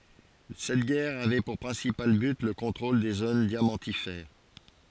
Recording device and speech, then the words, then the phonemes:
forehead accelerometer, read sentence
Cette guerre avait pour principal but le contrôle des zones diamantifères.
sɛt ɡɛʁ avɛ puʁ pʁɛ̃sipal byt lə kɔ̃tʁol de zon djamɑ̃tifɛʁ

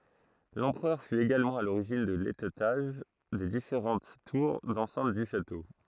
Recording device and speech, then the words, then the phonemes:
throat microphone, read sentence
L'empereur fut également à l'origine de l'étêtage des différentes tours d'enceinte du château.
lɑ̃pʁœʁ fy eɡalmɑ̃ a loʁiʒin də letɛtaʒ de difeʁɑ̃t tuʁ dɑ̃sɛ̃t dy ʃato

